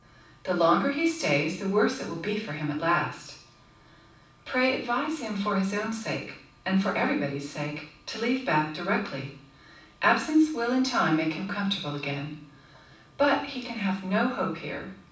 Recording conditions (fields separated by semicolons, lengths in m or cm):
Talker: one person; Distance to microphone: 5.8 m; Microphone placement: far; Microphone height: 1.8 m; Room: medium-sized (5.7 m by 4.0 m); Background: none